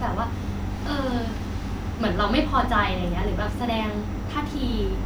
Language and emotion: Thai, neutral